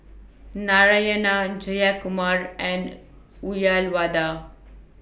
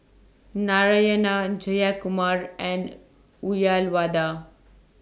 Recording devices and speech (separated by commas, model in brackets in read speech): boundary microphone (BM630), standing microphone (AKG C214), read sentence